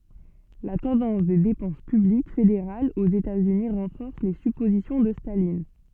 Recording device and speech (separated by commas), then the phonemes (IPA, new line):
soft in-ear microphone, read sentence
la tɑ̃dɑ̃s de depɑ̃s pyblik fedeʁalz oz etaz yni ʁɑ̃fɔʁs le sypozisjɔ̃ də stalin